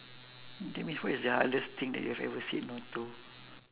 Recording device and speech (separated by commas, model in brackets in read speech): telephone, conversation in separate rooms